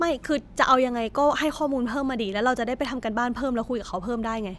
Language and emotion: Thai, frustrated